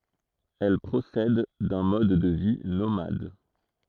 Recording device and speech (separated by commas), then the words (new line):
throat microphone, read sentence
Elles procèdent d'un mode de vie nomade.